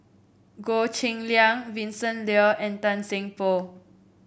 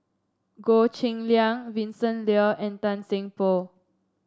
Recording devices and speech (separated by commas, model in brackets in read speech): boundary microphone (BM630), standing microphone (AKG C214), read sentence